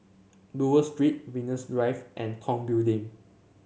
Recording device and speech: mobile phone (Samsung C7), read sentence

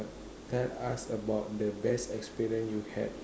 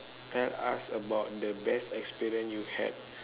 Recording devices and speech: standing microphone, telephone, conversation in separate rooms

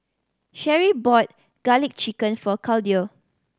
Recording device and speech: standing microphone (AKG C214), read sentence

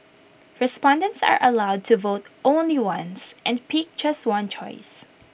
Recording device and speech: boundary microphone (BM630), read sentence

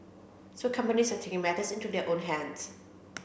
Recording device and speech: boundary microphone (BM630), read sentence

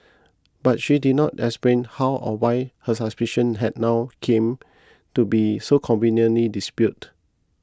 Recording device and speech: close-talking microphone (WH20), read sentence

